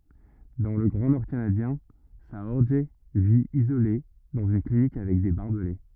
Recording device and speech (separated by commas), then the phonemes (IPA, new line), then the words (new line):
rigid in-ear microphone, read sentence
dɑ̃ lə ɡʁɑ̃ nɔʁ kanadjɛ̃ saɔʁʒ vi izole dɑ̃z yn klinik avɛk de baʁbəle
Dans le grand nord canadien, Saorge vit, isolé, dans une clinique avec des barbelés.